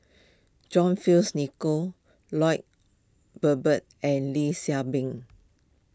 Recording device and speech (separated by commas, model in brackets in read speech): close-talking microphone (WH20), read sentence